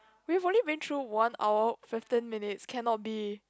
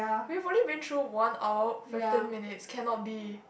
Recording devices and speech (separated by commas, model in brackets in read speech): close-talking microphone, boundary microphone, conversation in the same room